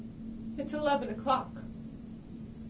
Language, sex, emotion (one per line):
English
female
fearful